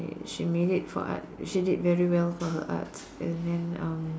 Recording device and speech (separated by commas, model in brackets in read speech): standing microphone, conversation in separate rooms